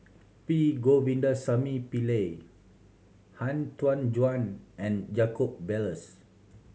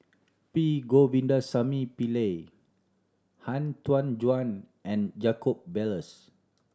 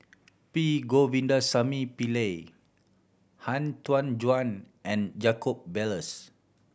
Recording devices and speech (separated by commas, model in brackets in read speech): mobile phone (Samsung C7100), standing microphone (AKG C214), boundary microphone (BM630), read sentence